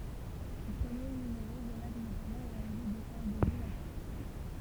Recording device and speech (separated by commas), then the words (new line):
temple vibration pickup, read sentence
Ce premier numéro relate notamment l’arrivée de Charles de Gaulle à Paris.